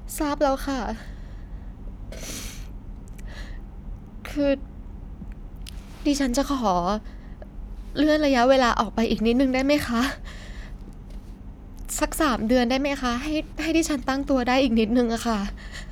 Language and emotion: Thai, sad